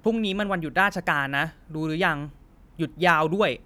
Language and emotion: Thai, frustrated